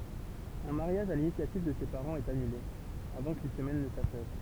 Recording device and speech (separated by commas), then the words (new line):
temple vibration pickup, read sentence
Un mariage à l’initiative de ses parents est annulé, avant qu’une semaine ne s’achève.